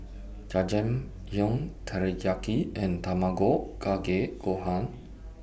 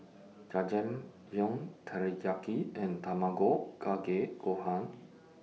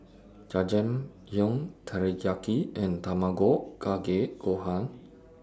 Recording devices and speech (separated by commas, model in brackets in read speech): boundary microphone (BM630), mobile phone (iPhone 6), standing microphone (AKG C214), read sentence